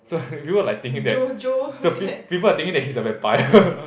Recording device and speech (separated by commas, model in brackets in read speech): boundary microphone, conversation in the same room